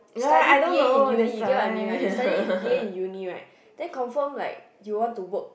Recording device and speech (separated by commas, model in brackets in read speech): boundary microphone, conversation in the same room